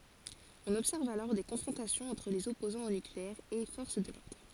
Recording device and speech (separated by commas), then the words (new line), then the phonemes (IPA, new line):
forehead accelerometer, read sentence
On observe alors des confrontations entre les opposants au nucléaire et forces de l’ordre.
ɔ̃n ɔbsɛʁv alɔʁ de kɔ̃fʁɔ̃tasjɔ̃z ɑ̃tʁ lez ɔpozɑ̃z o nykleɛʁ e fɔʁs də lɔʁdʁ